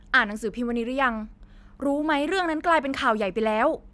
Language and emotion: Thai, frustrated